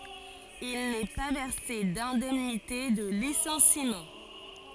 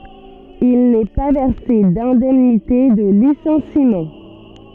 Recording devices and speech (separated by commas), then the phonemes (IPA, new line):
forehead accelerometer, soft in-ear microphone, read sentence
il nɛ pa vɛʁse dɛ̃dɛmnite də lisɑ̃simɑ̃